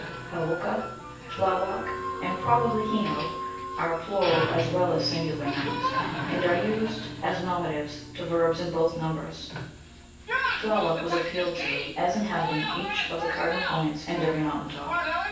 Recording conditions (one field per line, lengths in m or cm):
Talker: one person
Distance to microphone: 9.8 m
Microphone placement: far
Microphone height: 1.8 m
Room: large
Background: television